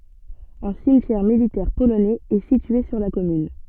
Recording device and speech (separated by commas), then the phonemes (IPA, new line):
soft in-ear microphone, read sentence
œ̃ simtjɛʁ militɛʁ polonɛz ɛ sitye syʁ la kɔmyn